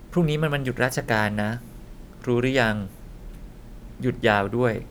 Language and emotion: Thai, neutral